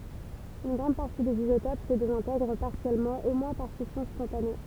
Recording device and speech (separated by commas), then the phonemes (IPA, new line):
temple vibration pickup, read sentence
yn ɡʁɑ̃d paʁti dez izotop sə dezɛ̃tɛɡʁ paʁsjɛlmɑ̃ o mwɛ̃ paʁ fisjɔ̃ spɔ̃tane